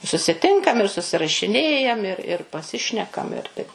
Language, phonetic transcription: Lithuanian, susiˈtinkam ir susirašiˈnėjam ir ir paˈsišnekam ir taip

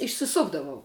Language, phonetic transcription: Lithuanian, išsiˈsukdavau

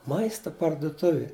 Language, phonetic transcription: Lithuanian, ˈmaista parduˈtuvi

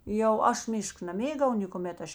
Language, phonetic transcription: Lithuanian, jau ˈaš ˈmišk naˈmėgau nėkuˈmet ˈaš

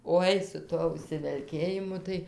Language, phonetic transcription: Lithuanian, ˈoi su ˈtuo užsivelˈkėjimu tai

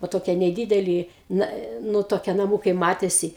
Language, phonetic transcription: Lithuanian, vo ˈtokie neˈdydeli ˈna ˈnu toˈkie naˈmūkai ˈmatėsi

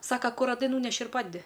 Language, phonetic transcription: Lithuanian, ˈsaka ˈkur raˈdai ˈnūneši ir ˈpadedi

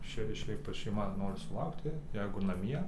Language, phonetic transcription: Lithuanian, ˈšei šiaip va šeiˈma ˈnori suˈlaukti ˈjeigu naˈmie

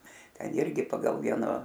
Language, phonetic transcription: Lithuanian, ˈten ˈirgi ˈpagal ˈvieno

